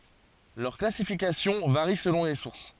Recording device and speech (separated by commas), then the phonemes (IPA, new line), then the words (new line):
forehead accelerometer, read sentence
lœʁ klasifikasjɔ̃ vaʁi səlɔ̃ le suʁs
Leur classification varie selon les sources.